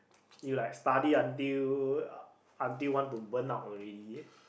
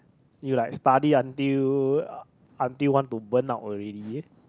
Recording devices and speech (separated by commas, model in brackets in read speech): boundary microphone, close-talking microphone, conversation in the same room